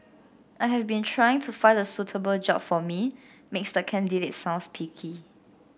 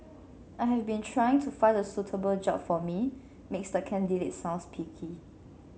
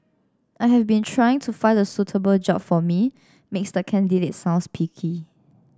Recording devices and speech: boundary microphone (BM630), mobile phone (Samsung C7), standing microphone (AKG C214), read sentence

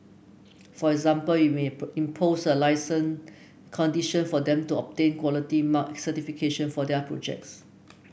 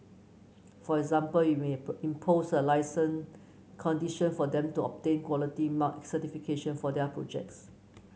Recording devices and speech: boundary microphone (BM630), mobile phone (Samsung C9), read sentence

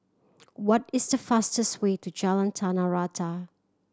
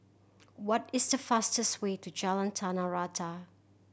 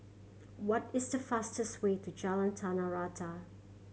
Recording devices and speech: standing microphone (AKG C214), boundary microphone (BM630), mobile phone (Samsung C7100), read sentence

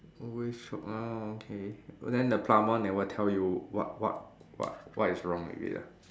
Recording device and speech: standing microphone, conversation in separate rooms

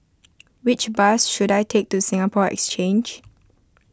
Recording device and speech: close-talking microphone (WH20), read sentence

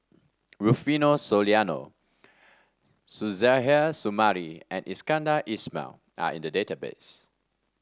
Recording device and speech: standing microphone (AKG C214), read sentence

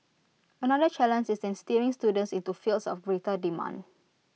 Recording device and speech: mobile phone (iPhone 6), read sentence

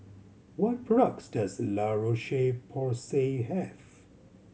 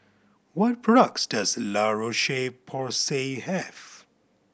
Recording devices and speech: mobile phone (Samsung C7100), boundary microphone (BM630), read sentence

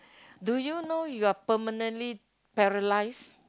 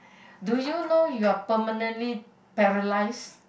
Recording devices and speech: close-talking microphone, boundary microphone, conversation in the same room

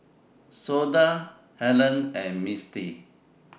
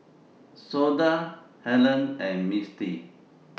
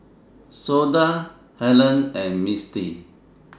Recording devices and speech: boundary microphone (BM630), mobile phone (iPhone 6), standing microphone (AKG C214), read sentence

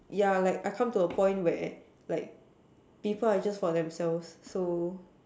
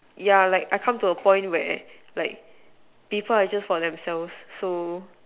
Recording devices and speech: standing microphone, telephone, conversation in separate rooms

